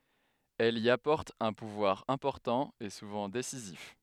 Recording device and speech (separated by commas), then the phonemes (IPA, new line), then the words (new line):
headset microphone, read sentence
ɛl i apɔʁt œ̃ puvwaʁ ɛ̃pɔʁtɑ̃ e suvɑ̃ desizif
Elle y apporte un pouvoir important et souvent décisif.